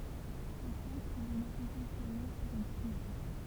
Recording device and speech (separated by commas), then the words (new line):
temple vibration pickup, read sentence
Le sel provenait essentiellement de Brouage.